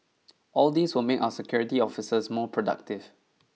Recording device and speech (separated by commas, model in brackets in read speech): mobile phone (iPhone 6), read sentence